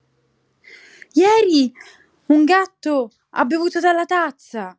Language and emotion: Italian, surprised